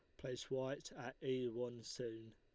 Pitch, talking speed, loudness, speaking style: 125 Hz, 170 wpm, -46 LUFS, Lombard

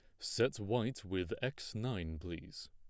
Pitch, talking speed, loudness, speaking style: 100 Hz, 145 wpm, -39 LUFS, plain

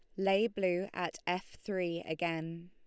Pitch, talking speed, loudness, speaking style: 180 Hz, 145 wpm, -35 LUFS, Lombard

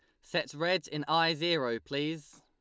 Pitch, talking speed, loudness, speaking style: 160 Hz, 165 wpm, -31 LUFS, Lombard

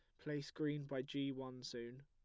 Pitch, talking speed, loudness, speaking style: 135 Hz, 195 wpm, -45 LUFS, plain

